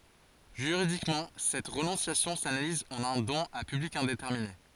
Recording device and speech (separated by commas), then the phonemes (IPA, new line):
forehead accelerometer, read sentence
ʒyʁidikmɑ̃ sɛt ʁənɔ̃sjasjɔ̃ sanaliz ɑ̃n œ̃ dɔ̃n a pyblik ɛ̃detɛʁmine